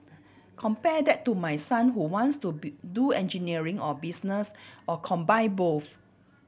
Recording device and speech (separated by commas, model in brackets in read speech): boundary microphone (BM630), read sentence